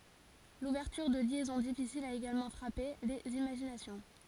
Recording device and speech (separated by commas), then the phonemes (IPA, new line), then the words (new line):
forehead accelerometer, read sentence
luvɛʁtyʁ də ljɛzɔ̃ difisilz a eɡalmɑ̃ fʁape lez imaʒinasjɔ̃
L'ouverture de liaisons difficiles a également frappé les imaginations.